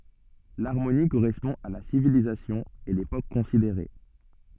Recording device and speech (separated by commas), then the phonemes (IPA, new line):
soft in-ear microphone, read sentence
laʁmoni koʁɛspɔ̃ a la sivilizasjɔ̃ e lepok kɔ̃sideʁe